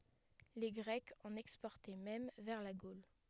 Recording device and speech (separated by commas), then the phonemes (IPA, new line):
headset microphone, read sentence
le ɡʁɛkz ɑ̃n ɛkspɔʁtɛ mɛm vɛʁ la ɡol